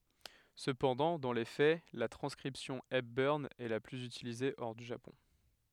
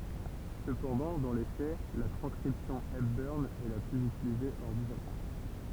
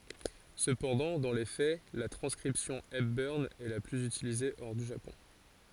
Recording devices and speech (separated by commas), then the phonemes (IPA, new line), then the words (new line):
headset microphone, temple vibration pickup, forehead accelerometer, read sentence
səpɑ̃dɑ̃ dɑ̃ le fɛ la tʁɑ̃skʁipsjɔ̃ ɛpbœʁn ɛ la plyz ytilize ɔʁ dy ʒapɔ̃
Cependant, dans les faits, la transcription Hepburn est la plus utilisée hors du Japon.